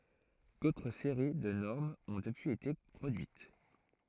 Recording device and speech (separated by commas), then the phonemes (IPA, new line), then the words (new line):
throat microphone, read sentence
dotʁ seʁi də nɔʁmz ɔ̃ dəpyiz ete pʁodyit
D’autres séries de normes ont depuis été produites.